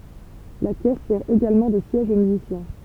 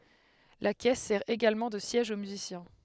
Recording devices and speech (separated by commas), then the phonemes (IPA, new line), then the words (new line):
temple vibration pickup, headset microphone, read sentence
la kɛs sɛʁ eɡalmɑ̃ də sjɛʒ o myzisjɛ̃
La caisse sert également de siège au musicien.